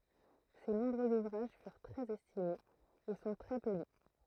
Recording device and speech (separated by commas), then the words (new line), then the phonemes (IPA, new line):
throat microphone, read sentence
Ses nombreux ouvrages furent très estimés, et sont très peu lus.
se nɔ̃bʁøz uvʁaʒ fyʁ tʁɛz ɛstimez e sɔ̃ tʁɛ pø ly